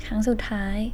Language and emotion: Thai, sad